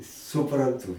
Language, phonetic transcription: Lithuanian, supranˈtū

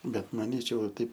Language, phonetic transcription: Lithuanian, ˈbet maˈnyčiau va ˈtaip

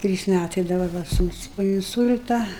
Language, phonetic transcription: Lithuanian, ˈtrys ˈmætai dabar ˈva ˈsūnus po inˈsul'ta

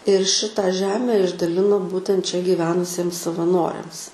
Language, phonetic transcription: Lithuanian, ir ˈšita ˈžeme išdaˈlino ˈbūtent čia gyˈvenusiems savaˈnoriams

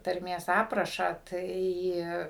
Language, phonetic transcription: Lithuanian, tarˈmės ˈaprašą ˈtai

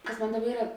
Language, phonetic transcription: Lithuanian, ˈkas ˈmon ˈdaˌba ˈyra

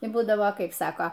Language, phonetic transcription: Lithuanian, i ˈbūdavo ˈkaip ˈsako

